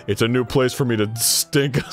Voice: Deeply